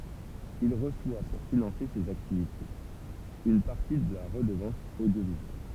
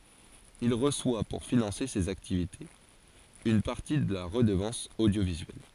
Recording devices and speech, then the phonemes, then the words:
temple vibration pickup, forehead accelerometer, read sentence
il ʁəswa puʁ finɑ̃se sez aktivitez yn paʁti də la ʁədəvɑ̃s odjovizyɛl
Il reçoit pour financer ses activités une partie de la Redevance audiovisuelle.

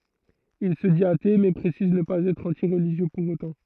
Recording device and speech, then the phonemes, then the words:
throat microphone, read sentence
il sə dit ate mɛ pʁesiz nə paz ɛtʁ ɑ̃ti ʁəliʒjø puʁ otɑ̃
Il se dit athée mais précise ne pas être anti-religieux pour autant.

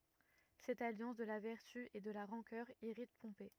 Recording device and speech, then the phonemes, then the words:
rigid in-ear microphone, read sentence
sɛt aljɑ̃s də la vɛʁty e də la ʁɑ̃kœʁ iʁit pɔ̃pe
Cette alliance de la vertu et de la rancœur irrite Pompée.

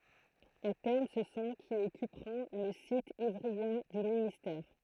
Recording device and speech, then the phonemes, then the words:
throat microphone, read sentence
a tɛʁm sə sɔ̃ ki ɔkypʁɔ̃ lə sit ivʁiɑ̃ dy ministɛʁ
À terme, ce sont qui occuperont le site ivryen du ministère.

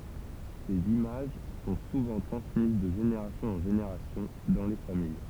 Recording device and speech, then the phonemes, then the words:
temple vibration pickup, read sentence
sez imaʒ sɔ̃ suvɑ̃ tʁɑ̃smiz də ʒeneʁasjɔ̃z ɑ̃ ʒeneʁasjɔ̃ dɑ̃ le famij
Ces images sont souvent transmises de générations en générations dans les familles.

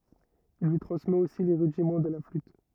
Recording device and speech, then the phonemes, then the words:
rigid in-ear microphone, read sentence
il lyi tʁɑ̃smɛt osi le ʁydimɑ̃ də la flyt
Il lui transmet aussi les rudiments de la flûte.

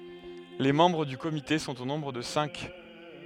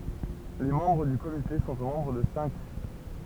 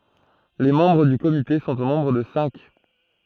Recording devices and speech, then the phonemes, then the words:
headset microphone, temple vibration pickup, throat microphone, read sentence
le mɑ̃bʁ dy komite sɔ̃t o nɔ̃bʁ də sɛ̃k
Les membres du comité sont au nombre de cinq.

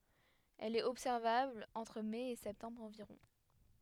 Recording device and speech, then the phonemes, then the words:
headset microphone, read sentence
ɛl ɛt ɔbsɛʁvabl ɑ̃tʁ mɛ e sɛptɑ̃bʁ ɑ̃viʁɔ̃
Elle est observable entre mai et septembre environ.

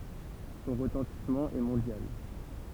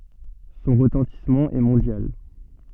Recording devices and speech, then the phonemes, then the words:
temple vibration pickup, soft in-ear microphone, read sentence
sɔ̃ ʁətɑ̃tismɑ̃ ɛ mɔ̃djal
Son retentissement est mondial.

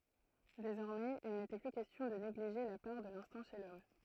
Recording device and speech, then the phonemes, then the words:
throat microphone, read sentence
dezɔʁmɛz il netɛ ply kɛstjɔ̃ də neɡliʒe la paʁ də lɛ̃stɛ̃ ʃe lɔm
Désormais, il n'était plus question de négliger la part de l'instinct chez l'homme.

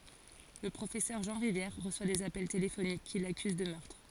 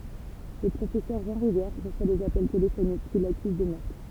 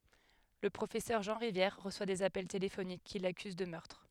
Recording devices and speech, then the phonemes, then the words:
forehead accelerometer, temple vibration pickup, headset microphone, read sentence
lə pʁofɛsœʁ ʒɑ̃ ʁivjɛʁ ʁəswa dez apɛl telefonik ki lakyz də mœʁtʁ
Le professeur Jean Rivière reçoit des appels téléphoniques qui l'accusent de meurtre.

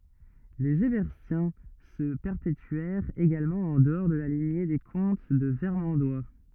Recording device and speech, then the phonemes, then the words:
rigid in-ear microphone, read sentence
lez ɛʁbɛʁtjɛ̃ sə pɛʁpetyɛʁt eɡalmɑ̃ ɑ̃ dəɔʁ də la liɲe de kɔ̃t də vɛʁmɑ̃dwa
Les Herbertiens se perpétuèrent également en dehors de la lignée des comtes de Vermandois.

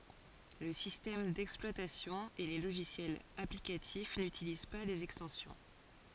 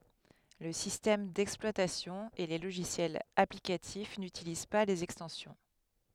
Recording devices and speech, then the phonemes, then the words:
forehead accelerometer, headset microphone, read sentence
lə sistɛm dɛksplwatasjɔ̃ e le loʒisjɛlz aplikatif nytiliz pa lez ɛkstɑ̃sjɔ̃
Le système d'exploitation et les logiciels applicatifs n'utilisent pas les extensions.

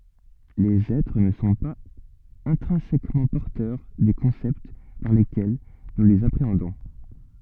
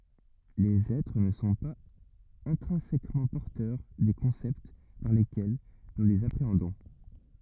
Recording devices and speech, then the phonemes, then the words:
soft in-ear microphone, rigid in-ear microphone, read sentence
lez ɛtʁ nə sɔ̃ paz ɛ̃tʁɛ̃sɛkmɑ̃ pɔʁtœʁ de kɔ̃sɛpt paʁ lekɛl nu lez apʁeɑ̃dɔ̃
Les êtres ne sont pas intrinsèquement porteurs des concepts par lesquels nous les appréhendons.

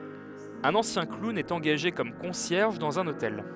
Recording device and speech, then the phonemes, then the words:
headset microphone, read sentence
œ̃n ɑ̃sjɛ̃ klun ɛt ɑ̃ɡaʒe kɔm kɔ̃sjɛʁʒ dɑ̃z œ̃n otɛl
Un ancien clown est engagé comme concierge dans un hôtel.

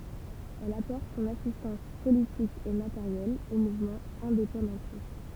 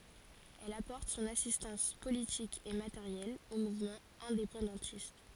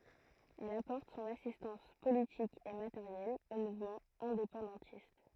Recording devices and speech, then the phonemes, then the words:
temple vibration pickup, forehead accelerometer, throat microphone, read sentence
ɛl apɔʁt sɔ̃n asistɑ̃s politik e mateʁjɛl o muvmɑ̃z ɛ̃depɑ̃dɑ̃tist
Elle apporte son assistance politique et matérielle aux mouvements indépendantistes.

